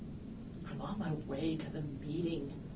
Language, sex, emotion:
English
female
neutral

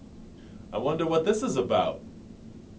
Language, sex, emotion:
English
male
neutral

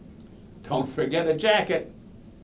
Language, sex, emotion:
English
male
neutral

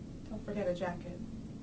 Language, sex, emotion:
English
female
neutral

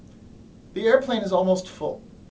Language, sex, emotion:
English
male
neutral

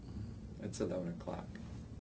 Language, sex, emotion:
English
male
neutral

